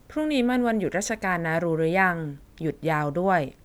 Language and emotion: Thai, neutral